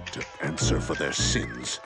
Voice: deep voice